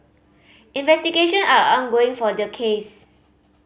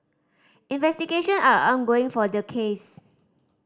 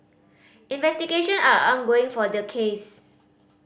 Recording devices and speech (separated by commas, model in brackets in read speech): mobile phone (Samsung C5010), standing microphone (AKG C214), boundary microphone (BM630), read sentence